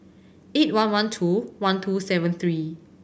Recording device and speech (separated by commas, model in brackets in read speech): boundary microphone (BM630), read sentence